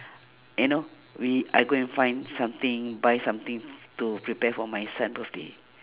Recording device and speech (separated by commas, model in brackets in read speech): telephone, conversation in separate rooms